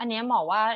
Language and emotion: Thai, neutral